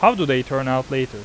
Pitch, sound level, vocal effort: 130 Hz, 91 dB SPL, normal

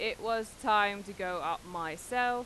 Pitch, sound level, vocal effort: 210 Hz, 95 dB SPL, very loud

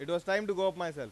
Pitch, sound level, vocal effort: 190 Hz, 98 dB SPL, loud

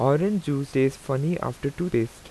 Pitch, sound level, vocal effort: 140 Hz, 84 dB SPL, normal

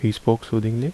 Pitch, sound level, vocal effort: 115 Hz, 75 dB SPL, soft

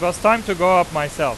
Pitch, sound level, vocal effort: 180 Hz, 100 dB SPL, very loud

